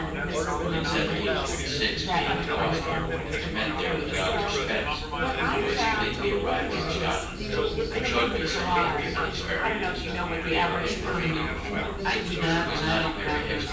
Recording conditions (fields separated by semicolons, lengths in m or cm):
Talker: one person; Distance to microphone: 9.8 m; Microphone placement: far; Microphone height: 1.8 m; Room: large; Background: babble